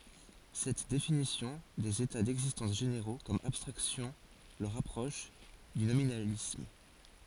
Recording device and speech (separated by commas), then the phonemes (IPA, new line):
forehead accelerometer, read sentence
sɛt definisjɔ̃ dez eta dɛɡzistɑ̃s ʒeneʁo kɔm abstʁaksjɔ̃ lə ʁapʁɔʃ dy nominalism